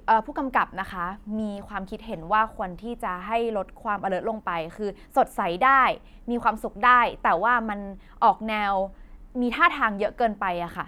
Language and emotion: Thai, neutral